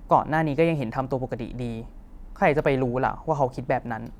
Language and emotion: Thai, frustrated